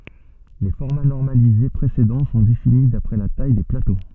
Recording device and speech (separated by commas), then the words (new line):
soft in-ear microphone, read sentence
Les formats normalisés précédents sont définis d’après la taille des plateaux.